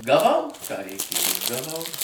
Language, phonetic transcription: Lithuanian, gaˈvau ką reiˈkėju gaˈvau

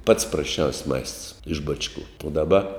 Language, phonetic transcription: Lithuanian, pats prasˈčiaus' maists iš ˈbačˌku u daˈba

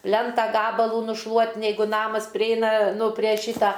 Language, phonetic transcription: Lithuanian, ˈplenta ˈgabalų nušˈluot neiˈgu ˈnamas priˈeina ˈnu prė ˈšyta

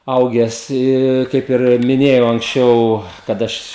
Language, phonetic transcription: Lithuanian, ˈauges ˈi ˈkaip ir miˈnėjau anksˈčiau kad ˈaš

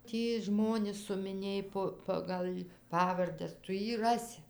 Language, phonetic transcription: Lithuanian, ˈtį ˈžmonis sumiˈnėj po ˈpagal' ˈpavardes ˈtu ˈjį ˈrasi

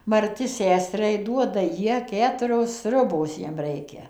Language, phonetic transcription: Lithuanian, marˈti ˈseseriai ˈduoda ˈjie ˈketurios ˈsriubos ˈjiem ˈreikia

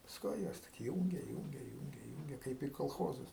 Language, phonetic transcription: Lithuanian, pasˈkui ˈjas tik ˈjūnge ˈjūnge ˈjūnge ˈjūnge ˈkaip į kolˈchozus

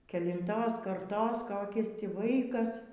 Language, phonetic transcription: Lithuanian, kelinˈtos karˈtos ˈkokis ˈtį ˈvaikas

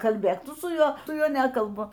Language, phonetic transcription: Lithuanian, kalˈbėk ˈtu su ˈjuo ˈtu ˈjuo ˈnekalbu

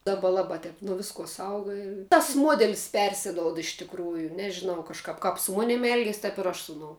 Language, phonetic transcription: Lithuanian, ˈdaba ˈlaba ˈtep nuo ˈviskuo ˈsauga i tas ˈmuodelis ˈpersidoud iš tikˈrųju nežiˈnau kažˈkap kap su ˈmonim ˈelgies tap ir ˈaš ˈsu uˌnou

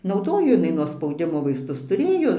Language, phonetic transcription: Lithuanian, nauˈdojo jiˈnai nuo spauˈdimo vaisˈtus tuˈrėjo

